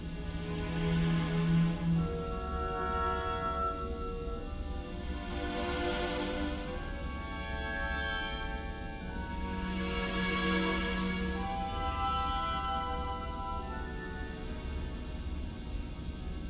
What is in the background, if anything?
Music.